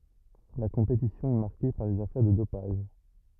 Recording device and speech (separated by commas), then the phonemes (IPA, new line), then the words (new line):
rigid in-ear microphone, read sentence
la kɔ̃petisjɔ̃ ɛ maʁke paʁ lez afɛʁ də dopaʒ
La compétition est marquée par les affaires de dopage.